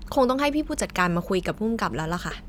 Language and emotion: Thai, frustrated